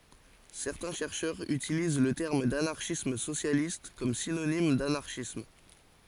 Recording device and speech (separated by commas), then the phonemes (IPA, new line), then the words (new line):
forehead accelerometer, read sentence
sɛʁtɛ̃ ʃɛʁʃœʁz ytiliz lə tɛʁm danaʁʃism sosjalist kɔm sinonim danaʁʃism
Certains chercheurs utilisent le terme d'anarchisme socialiste comme synonyme d'anarchisme.